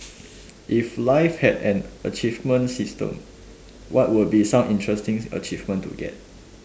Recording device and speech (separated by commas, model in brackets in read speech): standing microphone, conversation in separate rooms